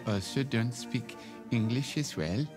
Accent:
In bad Norwegian Accent